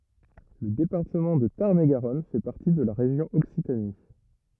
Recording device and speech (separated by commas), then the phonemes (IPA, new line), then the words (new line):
rigid in-ear microphone, read sentence
lə depaʁtəmɑ̃ də taʁn e ɡaʁɔn fɛ paʁti də la ʁeʒjɔ̃ ɔksitani
Le département de Tarn-et-Garonne fait partie de la région Occitanie.